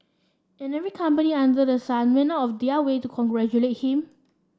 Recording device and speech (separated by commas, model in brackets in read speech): standing microphone (AKG C214), read sentence